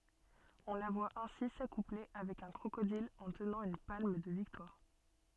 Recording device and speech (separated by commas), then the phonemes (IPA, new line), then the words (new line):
soft in-ear microphone, read sentence
ɔ̃ la vwa ɛ̃si sakuple avɛk œ̃ kʁokodil ɑ̃ tənɑ̃ yn palm də viktwaʁ
On la voit ainsi s’accoupler avec un crocodile en tenant une palme de victoire.